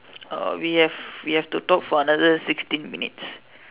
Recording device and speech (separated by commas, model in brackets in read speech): telephone, conversation in separate rooms